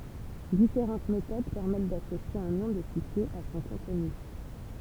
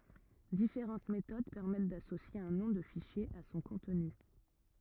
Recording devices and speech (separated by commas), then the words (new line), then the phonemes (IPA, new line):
temple vibration pickup, rigid in-ear microphone, read sentence
Différentes méthodes permettent d'associer un nom de fichier à son contenu.
difeʁɑ̃t metod pɛʁmɛt dasosje œ̃ nɔ̃ də fiʃje a sɔ̃ kɔ̃tny